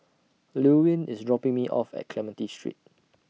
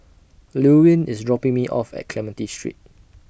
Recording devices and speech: mobile phone (iPhone 6), boundary microphone (BM630), read sentence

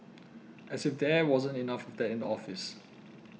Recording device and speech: mobile phone (iPhone 6), read sentence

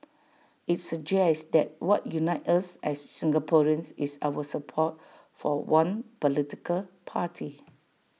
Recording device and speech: mobile phone (iPhone 6), read sentence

